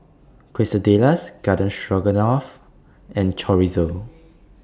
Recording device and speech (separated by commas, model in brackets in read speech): standing microphone (AKG C214), read sentence